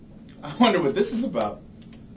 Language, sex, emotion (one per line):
English
male
happy